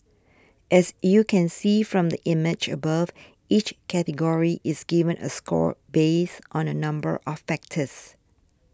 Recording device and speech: standing microphone (AKG C214), read sentence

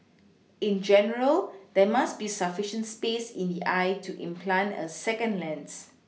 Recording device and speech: mobile phone (iPhone 6), read sentence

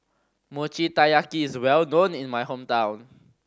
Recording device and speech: standing microphone (AKG C214), read sentence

